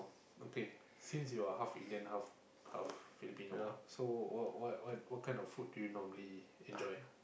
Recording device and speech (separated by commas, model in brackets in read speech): boundary microphone, conversation in the same room